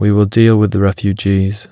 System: none